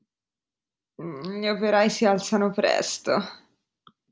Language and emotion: Italian, disgusted